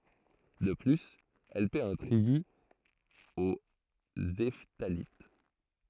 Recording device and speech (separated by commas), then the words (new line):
throat microphone, read sentence
De plus, elle paie un tribut aux Hephthalites.